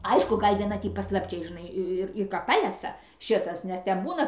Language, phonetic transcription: Lithuanian, ˈaišku ˈgal' vieˈna ˈtį paslapˈčiai žiˈnai ir ir ˈka ˈpalesa ˈšitas nes ˈten ˈbūna

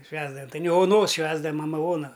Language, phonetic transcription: Lithuanian, ˈšvęsdavam tai ne oˈnos ˈšvęsdavam maˈma ˈona

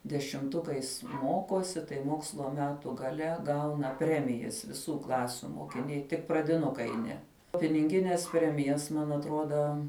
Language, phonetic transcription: Lithuanian, dešimˈtukais ˈmokosi tai ˈmokslo ˈmetu gaˈle ˈgauna ˈpremijas viˈsų ˈklasiu mokiˈniai tik pradiˈnukai ˈne pininˈgines ˈpremijas man atˈroda

